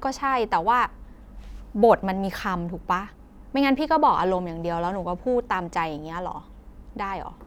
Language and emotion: Thai, frustrated